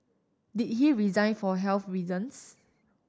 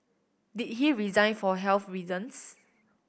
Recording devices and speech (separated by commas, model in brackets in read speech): standing microphone (AKG C214), boundary microphone (BM630), read sentence